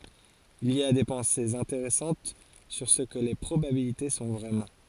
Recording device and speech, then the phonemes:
forehead accelerometer, read sentence
il i a de pɑ̃sez ɛ̃teʁɛsɑ̃t syʁ sə kə le pʁobabilite sɔ̃ vʁɛmɑ̃

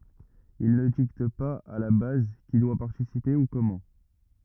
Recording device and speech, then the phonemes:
rigid in-ear microphone, read sentence
il nə dikt paz a la baz ki dwa paʁtisipe u kɔmɑ̃

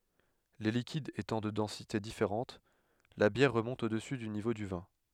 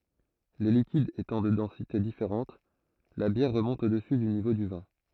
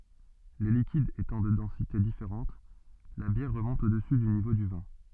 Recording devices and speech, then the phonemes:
headset microphone, throat microphone, soft in-ear microphone, read sentence
le likidz etɑ̃ də dɑ̃site difeʁɑ̃t la bjɛʁ ʁəmɔ̃t odəsy dy nivo dy vɛ̃

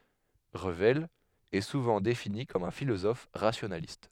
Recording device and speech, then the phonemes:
headset microphone, read sentence
ʁəvɛl ɛ suvɑ̃ defini kɔm œ̃ filozɔf ʁasjonalist

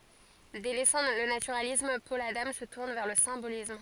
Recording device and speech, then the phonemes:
forehead accelerometer, read sentence
delɛsɑ̃ lə natyʁalism pɔl adɑ̃ sə tuʁn vɛʁ lə sɛ̃bolism

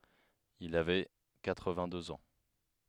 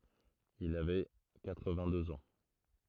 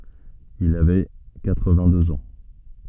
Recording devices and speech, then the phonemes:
headset microphone, throat microphone, soft in-ear microphone, read sentence
il avɛ katʁvɛ̃tdøz ɑ̃

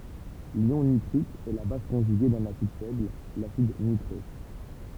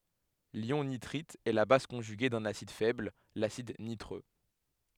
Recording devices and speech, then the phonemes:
temple vibration pickup, headset microphone, read sentence
ljɔ̃ nitʁit ɛ la baz kɔ̃ʒyɡe dœ̃n asid fɛbl lasid nitʁø

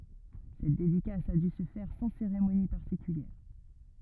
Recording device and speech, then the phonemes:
rigid in-ear microphone, read sentence
sɛt dedikas a dy sə fɛʁ sɑ̃ seʁemoni paʁtikyljɛʁ

